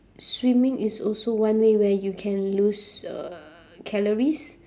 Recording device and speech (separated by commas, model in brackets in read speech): standing microphone, conversation in separate rooms